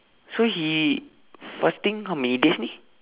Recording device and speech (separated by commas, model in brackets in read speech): telephone, conversation in separate rooms